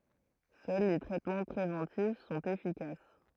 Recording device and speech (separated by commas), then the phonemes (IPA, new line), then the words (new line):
throat microphone, read sentence
sœl le tʁɛtmɑ̃ pʁevɑ̃tif sɔ̃t efikas
Seuls les traitements préventifs sont efficaces.